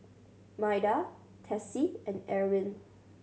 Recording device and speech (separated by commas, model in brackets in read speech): mobile phone (Samsung C7100), read sentence